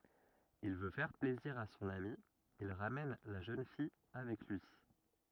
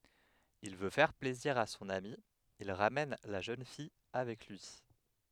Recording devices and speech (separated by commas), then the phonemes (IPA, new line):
rigid in-ear microphone, headset microphone, read sentence
il vø fɛʁ plɛziʁ a sɔ̃n ami il ʁamɛn la ʒøn fij avɛk lyi